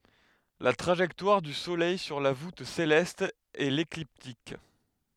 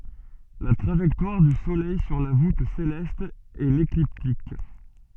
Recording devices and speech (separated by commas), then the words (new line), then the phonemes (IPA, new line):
headset microphone, soft in-ear microphone, read sentence
La trajectoire du Soleil sur la voûte céleste est l'écliptique.
la tʁaʒɛktwaʁ dy solɛj syʁ la vut selɛst ɛ lekliptik